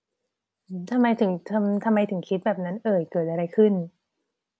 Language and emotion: Thai, neutral